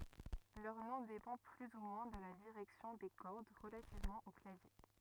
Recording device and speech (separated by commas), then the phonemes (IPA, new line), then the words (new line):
rigid in-ear microphone, read sentence
lœʁ nɔ̃ depɑ̃ ply u mwɛ̃ də la diʁɛksjɔ̃ de kɔʁd ʁəlativmɑ̃ o klavje
Leur nom dépend plus ou moins de la direction des cordes relativement au clavier.